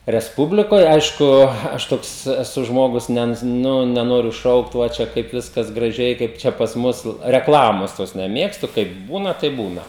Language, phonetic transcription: Lithuanian, resˈpublikoj ˈaišku ˈaš ˈtoks eˈsu ˈžmogus ˈne ˈnu neˈnoriu ˈšaukt ˈva ˈčia ˈkaip ˈviskas graˈžiai ˈkaip ˈčia pas ˈmus rekˈlamos tos neˈmėgstu kaip ˈbūna taip ˈbūna

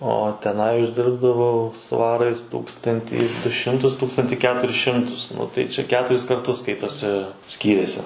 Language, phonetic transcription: Lithuanian, o teˈnai užˈdirbdavau ˈsvarais ˈtūkstantį du ˈšimtus ˈtūkstanti ˈketuris ˈšimtus ˈnu tai ˈčia ˈketuris karˈtus ˈskaitosi ˈskyrėsi

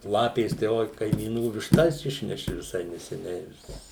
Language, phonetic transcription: Lithuanian, ˈlapės tai ˈoi kaimyˈnų višˈtas ˈišneši viˈsai neseˈniai vis

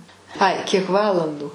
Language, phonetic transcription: Lithuanian, ˈai ˈkiek ˈvalandų

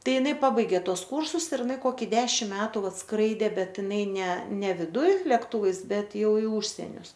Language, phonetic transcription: Lithuanian, ˈtai ˈinai ˈpabaigė ˈtuos ˈkūrsus ir iˈnai ˈkoki ˈdešim ˈmetu ˈvat ˈskraidė ˈbet iˈnai ne ne viˈduj lekˈtūvais ˈbet ˈjau i ˈūžsenius

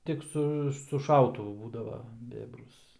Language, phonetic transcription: Lithuanian, ˈtik su su ˈšautuvu ˈbūdava ˈbėbrus

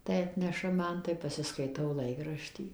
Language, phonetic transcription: Lithuanian, tai ˈatneša ˈman tai pasiskaiˈtau ˈlaikraštį

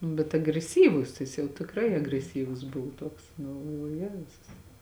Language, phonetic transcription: Lithuanian, nu bet agreˈsyvus ˈjis jau tikˈrai agreˈsyvus ˈbuvo ˈtuoks nu galˈvoju ˈjezus

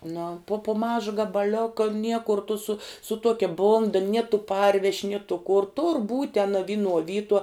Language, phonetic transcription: Lithuanian, nu pu pu ˈmaža gabaˈlioka ˈniekur tu su su ˈtuokia ˈbunda nie tu ˈparveš' nie tu kur tur būt' ten a ˈvinuo ˈvytuo

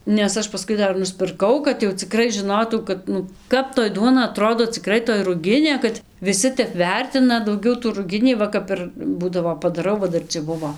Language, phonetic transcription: Lithuanian, nes ˈaš paˈskui ˈdar nuspirˈkau kad jau ciˈkrai žiˈnotau kad ˈnu ˈkap toj ˈduona aˈtrodo ciˈkrai toj ruˈginė kad viˈsi ˈtep ˈvertina dauˈgiau tų ruˈginį ˈva kap ir ˈbūdavo padaˈrau va ˈdar cia ˈbuvo

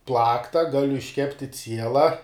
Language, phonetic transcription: Lithuanian, ˈplakta ˈgaliu išˈkepti ˈciela

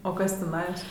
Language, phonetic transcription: Lithuanian, o ˈkas tiˈnajos

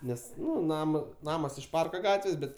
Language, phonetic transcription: Lithuanian, ˈnes ˈnu ˈnama ˈnamas iš ˈparka ˈgatvės ˈbet

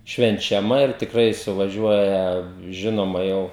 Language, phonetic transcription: Lithuanian, švenčiaˈma ir tikˈrai suvaˈžiuoja ˈžinoma ˈjau

